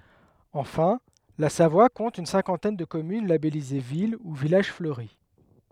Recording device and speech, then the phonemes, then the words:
headset microphone, read sentence
ɑ̃fɛ̃ la savwa kɔ̃t yn sɛ̃kɑ̃tɛn də kɔmyn labɛlize vil u vilaʒ fløʁi
Enfin, la Savoie compte une cinquantaine de communes labellisées ville ou village fleuri.

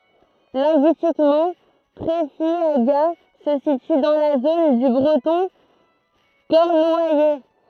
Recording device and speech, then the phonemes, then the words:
throat microphone, read sentence
lɛ̃ɡyistikmɑ̃ tʁɛfjaɡa sə sity dɑ̃ la zon dy bʁətɔ̃ kɔʁnwajɛ
Linguistiquement, Treffiagat se situe dans la zone du breton cornouaillais.

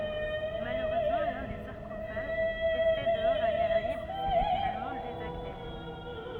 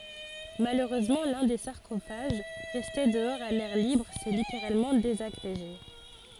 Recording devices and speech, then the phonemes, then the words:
rigid in-ear microphone, forehead accelerometer, read sentence
maløʁøzmɑ̃ lœ̃ de saʁkofaʒ ʁɛste dəɔʁz a lɛʁ libʁ sɛ liteʁalmɑ̃ dezaɡʁeʒe
Malheureusement, l'un des sarcophages, resté dehors à l'air libre, s'est littéralement désagrégé.

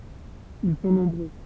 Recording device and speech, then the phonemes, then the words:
temple vibration pickup, read sentence
il sɔ̃ nɔ̃bʁø
Ils sont nombreux.

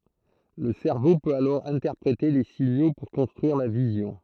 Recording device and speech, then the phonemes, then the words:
throat microphone, read sentence
lə sɛʁvo pøt alɔʁ ɛ̃tɛʁpʁete le siɲo puʁ kɔ̃stʁyiʁ la vizjɔ̃
Le cerveau peut alors interpréter les signaux pour construire la vision.

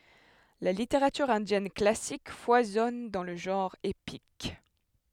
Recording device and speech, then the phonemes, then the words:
headset microphone, read sentence
la liteʁatyʁ ɛ̃djɛn klasik fwazɔn dɑ̃ lə ʒɑ̃ʁ epik
La littérature indienne classique foisonne dans le genre épique.

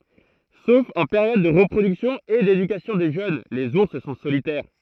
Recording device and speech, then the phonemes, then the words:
throat microphone, read sentence
sof ɑ̃ peʁjɔd də ʁəpʁodyksjɔ̃ e dedykasjɔ̃ de ʒøn lez uʁs sɔ̃ solitɛʁ
Sauf en période de reproduction et d'éducation des jeunes, les ours sont solitaires.

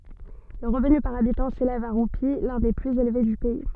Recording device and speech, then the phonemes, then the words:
soft in-ear microphone, read sentence
lə ʁəvny paʁ abitɑ̃ selɛv a ʁupi lœ̃ de plyz elve dy pɛi
Le revenu par habitant s'élève à roupies, l'un des plus élevés du pays.

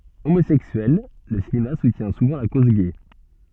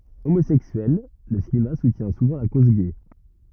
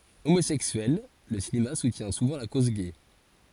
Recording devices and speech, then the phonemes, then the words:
soft in-ear microphone, rigid in-ear microphone, forehead accelerometer, read sentence
omozɛksyɛl lə sineast sutjɛ̃ suvɑ̃ la koz ɡɛ
Homosexuel, le cinéaste soutient souvent la cause gay.

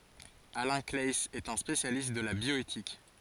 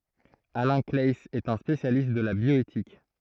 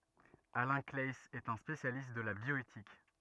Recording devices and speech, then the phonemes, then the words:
forehead accelerometer, throat microphone, rigid in-ear microphone, read sentence
alɛ̃ klaɛiz ɛt œ̃ spesjalist də la bjɔetik
Alain Claeys est un spécialiste de la bioéthique.

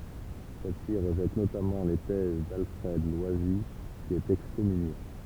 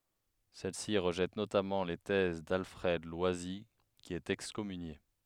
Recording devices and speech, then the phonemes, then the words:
temple vibration pickup, headset microphone, read sentence
sɛl si ʁəʒɛt notamɑ̃ le tɛz dalfʁɛd lwazi ki ɛt ɛkskɔmynje
Celle-ci rejette notamment les thèses d'Alfred Loisy qui est excommunié.

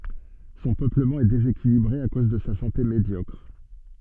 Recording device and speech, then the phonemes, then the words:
soft in-ear microphone, read sentence
sɔ̃ pøpləmɑ̃ ɛ dezekilibʁe a koz də sa sɑ̃te medjɔkʁ
Son peuplement est déséquilibré à cause de sa santé médiocre.

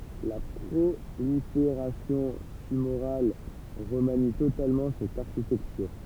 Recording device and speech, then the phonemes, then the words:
temple vibration pickup, read sentence
la pʁolifeʁasjɔ̃ tymoʁal ʁəmani totalmɑ̃ sɛt aʁʃitɛktyʁ
La prolifération tumorale remanie totalement cette architecture.

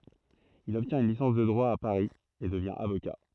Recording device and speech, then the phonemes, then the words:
throat microphone, read sentence
il ɔbtjɛ̃t yn lisɑ̃s də dʁwa a paʁi e dəvjɛ̃ avoka
Il obtient une licence de droit à Paris et devient avocat.

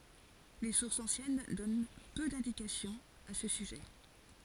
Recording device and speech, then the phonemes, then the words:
forehead accelerometer, read sentence
le suʁsz ɑ̃sjɛn dɔn pø dɛ̃dikasjɔ̃z a sə syʒɛ
Les sources anciennes donnent peu d'indications à ce sujet.

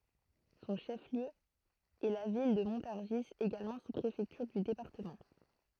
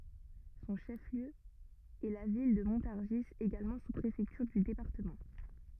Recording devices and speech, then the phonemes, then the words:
throat microphone, rigid in-ear microphone, read sentence
sɔ̃ ʃəfliø ɛ la vil də mɔ̃taʁʒi eɡalmɑ̃ suspʁefɛktyʁ dy depaʁtəmɑ̃
Son chef-lieu est la ville de Montargis, également sous-préfecture du département.

